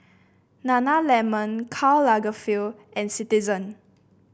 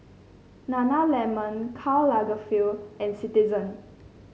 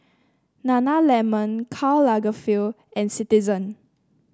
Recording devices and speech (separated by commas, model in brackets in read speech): boundary microphone (BM630), mobile phone (Samsung C5), standing microphone (AKG C214), read sentence